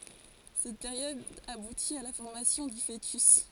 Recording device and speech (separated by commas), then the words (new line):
forehead accelerometer, read sentence
Cette période aboutit à la formation du fœtus.